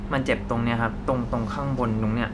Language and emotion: Thai, neutral